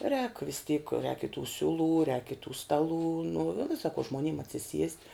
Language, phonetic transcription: Lithuanian, rēk vis tyk rēk i tų ˈsiuˌlų rēk i tų ˈstaˌlų nu vi sako žmonym atsiˈsiest'

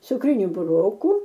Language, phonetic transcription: Lithuanian, cukˈriniu buˈrokų

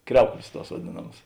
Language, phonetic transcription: Lithuanian, ˈkriauklės ˈtuos vaˈdėnamas

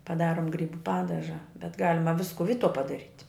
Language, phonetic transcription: Lithuanian, paˈdarom ˈgrybu ˈpadaža bet ˈgalima ˈvisku ˈvytuo padaˈryt'

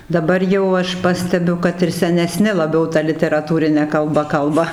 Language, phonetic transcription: Lithuanian, daˈbar jau ˈaš ˈpastebiu ˈkad ir seneˈsni laˈbiau ˈta literaˈtūrine kalˈba ˈkalba

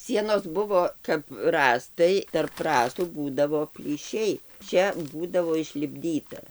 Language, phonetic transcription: Lithuanian, ˈsienos ˈbuvo kap ˈrąstai tarp ˈrąstų ˈbūdavo plyˈšiai ˈčia ˈbūdavo išlipˈdyta

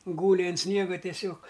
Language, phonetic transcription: Lithuanian, ˈgūli an ˈsniega tieˈsiog

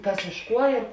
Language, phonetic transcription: Lithuanian, ˈkas iš ˈkuo ir

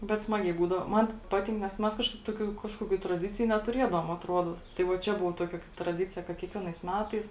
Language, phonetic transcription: Lithuanian, bet ˈsmagiai būdavo ˈman ˈpatink nes ˈmes ˈkažkaip ˈtokių ˈkažkokių traˈdiciju netuˈriedavom atˈruodo tai ˈva ˈčia ˈbuvo ˈtokia traˈdicija kad kiekˈvienais ˈmetais

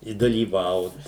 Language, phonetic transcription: Lithuanian, i dalyˈvaut

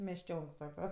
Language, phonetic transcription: Lithuanian, mešˈčionk ˈsako

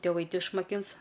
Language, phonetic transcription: Lithuanian, tiˈvai ˈti išmaˈkins

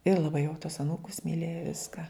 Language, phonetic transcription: Lithuanian, ir laˈbai jau tuos aˈnūkus miˈlėja ˈviska

